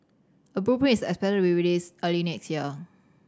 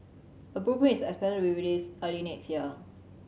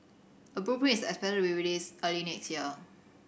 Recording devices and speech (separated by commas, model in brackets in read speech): standing microphone (AKG C214), mobile phone (Samsung C7100), boundary microphone (BM630), read sentence